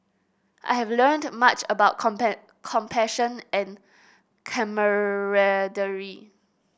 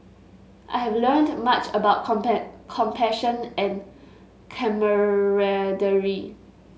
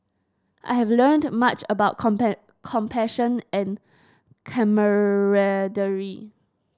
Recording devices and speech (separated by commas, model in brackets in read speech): boundary microphone (BM630), mobile phone (Samsung S8), standing microphone (AKG C214), read sentence